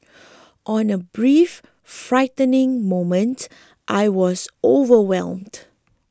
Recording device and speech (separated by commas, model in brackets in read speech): close-talking microphone (WH20), read sentence